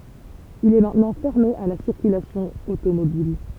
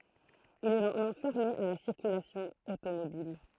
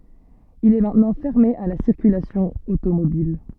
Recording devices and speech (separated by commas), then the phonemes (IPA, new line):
temple vibration pickup, throat microphone, soft in-ear microphone, read sentence
il ɛ mɛ̃tnɑ̃ fɛʁme a la siʁkylasjɔ̃ otomobil